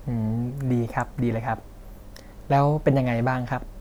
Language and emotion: Thai, neutral